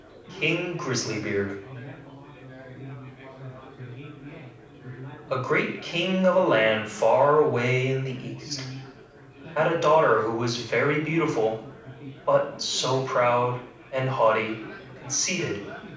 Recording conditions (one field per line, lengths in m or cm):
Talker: one person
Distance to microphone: 5.8 m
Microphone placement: far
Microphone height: 1.8 m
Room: medium-sized (5.7 m by 4.0 m)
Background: babble